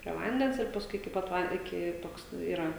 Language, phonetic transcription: Lithuanian, prie ˈvandens ir pasˈkui iki ˈpat ˈvan iˈki ˈtoks ˈyra

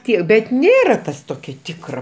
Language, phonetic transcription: Lithuanian, ˈtie bet ˈnėra ˈtas ˈtokia ˈtikra

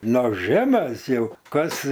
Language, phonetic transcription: Lithuanian, ˈnors ˈžemes ˈjau ˈkas

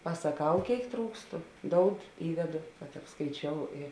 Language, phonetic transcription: Lithuanian, pasaˈkau ˈkėik ˈtrūkstu ˈdoud ˈįdedo kad apskaiˈčiou i

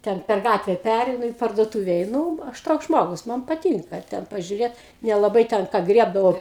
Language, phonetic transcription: Lithuanian, ˈten per ˈgatve ˈpæreinu į parduotūve eiˈnū ˈaš ˈtoks ˈžmogus ˈman paˈtynka ˈten pažiuˈrėt nelaˈbai ten ˈką ˈgriebdavau

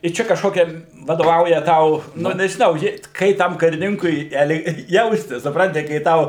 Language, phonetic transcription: Lithuanian, i ˈčia kažˈkokia vadoˈvauja ˈtau nu nežiˈnau žiūˈrėt ˈkai tam kariˈninkui el ˈjaustis supˈranti kai ˈtau

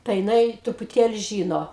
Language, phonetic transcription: Lithuanian, tai jiˈnai trupuˈtėli ˈžyno

